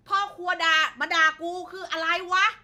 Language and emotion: Thai, frustrated